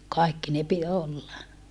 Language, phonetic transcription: Finnish, kaikki ne pi - olla .
- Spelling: kaikki ne - olla

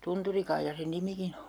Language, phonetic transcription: Finnish, 'Tunturikaijja sen 'nimikin ‿o .
- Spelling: Tunturikaija sen nimikin on

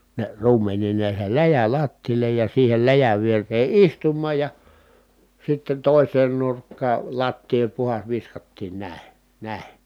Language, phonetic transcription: Finnish, ne ruumeǹiin ne (jäi) läjä lattiile ja siihel läjäv vier̀ee istummaaj ja , sitten tòiseen nurkkaa , lattii oĺ puhas viskattiin nä̀i̮ , nä̀i̮ .
- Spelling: ne ruumeniin ne jäi läjä lattialle ja siihen läjän viereen istumaan ja sitten toiseen nurkkaan lattiaa oli puhdas viskattiin näin näin

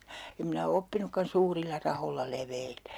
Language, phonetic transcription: Finnish, 'em minä o 'oppinukkan "suurilla 'raholla "leveilee .
- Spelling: en minä ole oppinutkaan suurilla rahoilla leveilemään

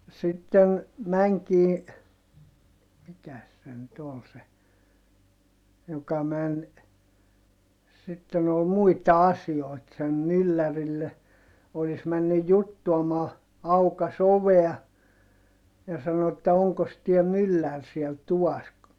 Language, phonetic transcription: Finnish, no , sitten , mäŋkii , mikäs se nyt ‿ol se , joka män , sitten ‿ol muita asi₍oit sen myllärille , olis männyj juttuamaa , aukas ‿ovea , ja sano että » oŋkos tiä myllär siel tuvas ? »
- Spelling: no sitten menikin mikäs se nyt oli se joka meni sitten oli muita asioita sen myllärille olisi mennyt juttuamaan aukaisi ovea ja sanoi että onkos tämä mylläri siellä tuvassa

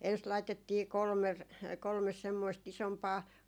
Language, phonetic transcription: Finnish, ens laitettii 'kolmer- , 'kolmes semmoist 'isompaa ,.
- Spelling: ensin laitettiin - kolme semmoista isompaa

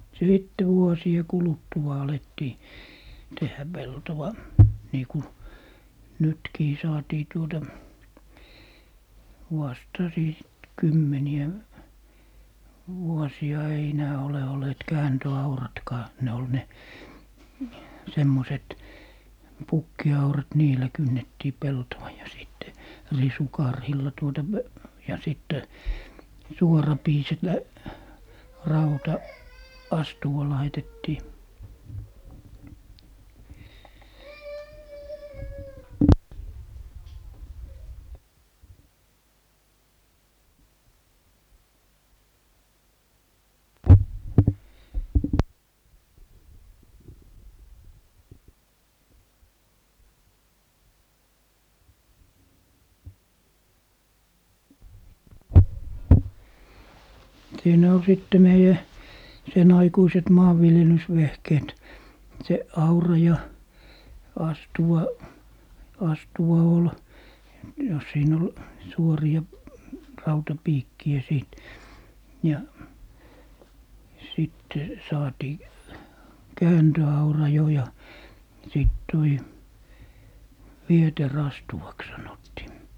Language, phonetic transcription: Finnish, "sìtte 'vuosie 'kuluttua 'alettii , 'tehhä "peltowa , niiku "nytkii 'saatii 'tuota , 'huastasii sit 'kymmeni₍ä , 'vuɔsi₍a ei enää ole ol̀eet "kääntö₍"auratkaa , ne ol 'ne , 'semmoset "pukki₍aurat 'niilä 'kynnettii "peltowa ja 'sìtte , "risukarhilla tuota p- , ja 'sittɛ , 'suorapiiset 'lä-, 'rauta , "astuwa 'laitettii. , "siinä ol 'sìtte 'meijä , 'sen aikuiset "maavviljelysvehkeet , 'se "aura ja , 'astuwa , 'astuwa ol , ja 'siin ‿ol , 'suori₍a , "rautapiikki₍ä 'sìt , ja , sitte , 'saatii , "kääntö₍aura jo ja , 'sìt toi , "vieterastuwaks sanottii .
- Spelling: sitten vuosien kuluttua alettiin tehdä peltoa niin kuin nytkin saatiin tuota haastaisi sitten kymmeniä vuosia ei enää ole olleet kääntöauratkaan ne oli ne semmoiset pukkiaurat niillä kynnettiin peltoa ja sitten risukarhilla tuota - ja sitten suorapiiset rauta astuva laitettiin siinä oli sitten meidän sen aikuiset maanviljelysvehkeet se aura ja astuva astuva oli ja siinä oli suoria rautapiikkejä sitten ja sitten saatiin kääntöaura jo ja sitten tuo vieteriastuvaksi sanottiin

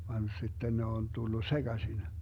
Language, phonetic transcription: Finnish, van 'si̮tten ne on 'tullu "seGasin .
- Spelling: vaan sitten ne on tullut sekaisin

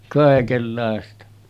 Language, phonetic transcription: Finnish, kàekellàesta .
- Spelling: kaikenlaista

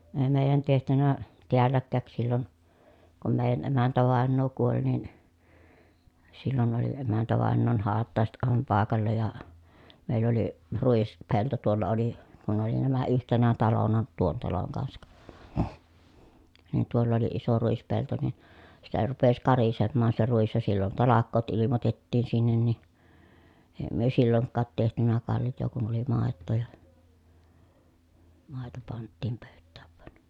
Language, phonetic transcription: Finnish, ee mèi̮jän tehtynä , teälläkkä̀k sillon , kum mèijän emäntävàennoo kuoĺ nin , sillon oli emäntävàennoon haattàeset ʼàevam pàekalla ja , mèill ‿oli , ruispelto tuolla oli , kun oli nämä yhtenä talona tuon taloŋ kansak , nin tuoll ‿oli iso ruispelto nin , sitä rupes karisemmaan se ruis ja sillon talak̆koot ilimotettiin sinnen ni , èi̮ myö silloŋkkaat tehtynä kalj̆joo kun oli màettoo ja , màeto panttiim pö̀yttääv vᵘan .
- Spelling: ei meidän tehty täälläkään silloin kun meidän emäntävainaja kuoli niin silloin oli emäntävainajan hautajaiset aivan paikalla ja meillä oli ruispelto tuolla oli kun oli nämä yhtenä talona tuon talon kanssa niin tuolla oli iso ruispelto niin sitä rupesi karisemaan se ruis ja silloin talkoot ilmoitettiin sinne niin ei me silloinkaan tehty kaljaa kun oli maitoa ja maito panttiin pöytään vain

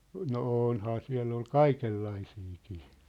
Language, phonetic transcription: Finnish, no 'ônhaa 'siä̭ll ‿ol "kaikellaisiikii .
- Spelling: no onhan siellä ollut kaikenlaisiakin

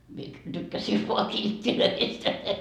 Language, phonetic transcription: Finnish, mie , 'tykkäsii voa "kilt́t́ilöist .
- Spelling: minä tykkäsin vain kilteistä

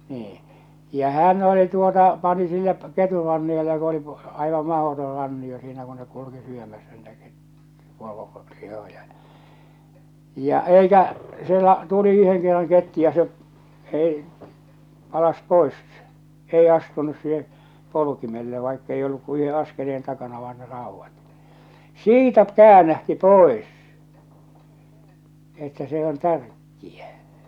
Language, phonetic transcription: Finnish, 'nii , ja 'hän oli tuota , 'pani sinne , 'keturanniota ku oli , 'aivam 'mahotor 'ranni₍o siinä ku nek kuluki syömässä niitä ket- , 'poro- , 'lihojᴀ ᴊᴀ , ja 'eikä , 'sielä , 'tuli 'yheŋ kerraŋ 'kettu ja se , ei , 'palas "pois , 'ei astunus siihe , 'polu̳kimelle vaikkei olluk ku 'yhe 'askeleen takana vaan ne 'ràuvvat , "siitä "käänähti "pòes , että 'se "on "tärkki₍ä .
- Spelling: niin ja hän oli tuota pani sinne ketunranniota kun oli aivan mahdoton rannio siinä kun ne kulki syömässä niitä - - poronlihoja ja ja eikä siellä tuli yhden kerran kettu ja se ei palasi pois ei astunut siihen polkimelle vaikka ei ollut kuin yhden askeleen takana vain ne raudat siitä käännähti pois että se on tärkeä

